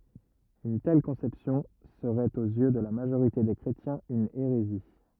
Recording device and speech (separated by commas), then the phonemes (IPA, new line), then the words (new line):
rigid in-ear microphone, read sentence
yn tɛl kɔ̃sɛpsjɔ̃ səʁɛt oz jø də la maʒoʁite de kʁetjɛ̃z yn eʁezi
Une telle conception serait aux yeux de la majorité des chrétiens une hérésie.